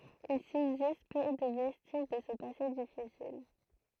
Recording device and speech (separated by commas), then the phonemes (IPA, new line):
throat microphone, read sentence
il sybzist pø də vɛstiʒ də sə pase difisil